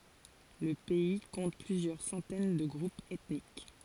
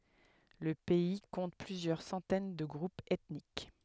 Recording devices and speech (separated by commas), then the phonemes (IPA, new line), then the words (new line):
forehead accelerometer, headset microphone, read sentence
lə pɛi kɔ̃t plyzjœʁ sɑ̃tɛn də ɡʁupz ɛtnik
Le pays compte plusieurs centaines de groupes ethniques.